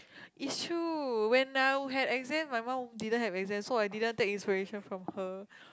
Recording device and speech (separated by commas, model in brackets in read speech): close-talking microphone, conversation in the same room